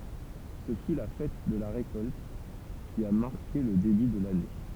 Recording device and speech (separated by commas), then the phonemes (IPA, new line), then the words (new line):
temple vibration pickup, read sentence
sə fy la fɛt də la ʁekɔlt ki a maʁke lə deby də lane
Ce fut la fête de la récolte, qui a marqué le début de l'année.